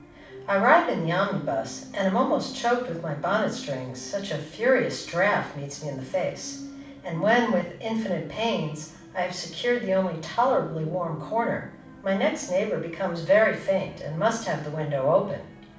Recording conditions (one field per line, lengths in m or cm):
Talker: one person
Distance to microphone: 5.8 m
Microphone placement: far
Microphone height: 1.8 m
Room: medium-sized (5.7 m by 4.0 m)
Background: television